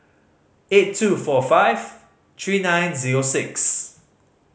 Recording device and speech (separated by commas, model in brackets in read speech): mobile phone (Samsung C5010), read sentence